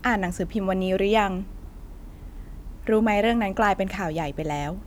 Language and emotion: Thai, neutral